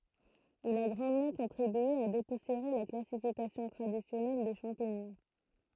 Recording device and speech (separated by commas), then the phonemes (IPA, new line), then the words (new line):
throat microphone, read sentence
il a ɡʁɑ̃dmɑ̃ kɔ̃tʁibye a depusjeʁe la klasifikasjɔ̃ tʁadisjɔnɛl de ʃɑ̃piɲɔ̃
Il a grandement contribué à dépoussiérer la classification traditionnelle des champignons.